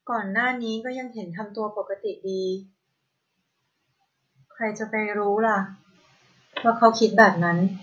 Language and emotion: Thai, neutral